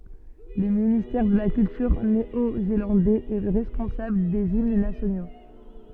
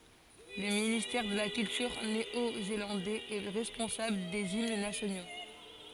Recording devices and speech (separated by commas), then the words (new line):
soft in-ear microphone, forehead accelerometer, read sentence
Le ministère de la culture néo-zélandais est responsable des hymnes nationaux.